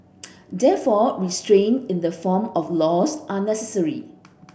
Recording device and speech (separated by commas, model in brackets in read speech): boundary microphone (BM630), read sentence